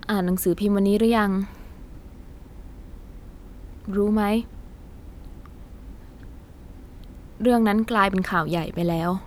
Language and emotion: Thai, neutral